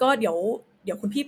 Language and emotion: Thai, neutral